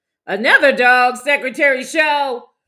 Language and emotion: English, surprised